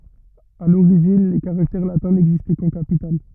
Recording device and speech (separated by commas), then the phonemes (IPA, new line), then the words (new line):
rigid in-ear microphone, read sentence
a loʁiʒin le kaʁaktɛʁ latɛ̃ nɛɡzistɛ kɑ̃ kapital
À l'origine, les caractères latins n'existaient qu'en capitales.